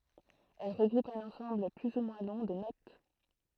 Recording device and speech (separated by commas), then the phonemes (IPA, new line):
throat microphone, read sentence
ɛl ʁəɡʁupt œ̃n ɑ̃sɑ̃bl ply u mwɛ̃ lɔ̃ də not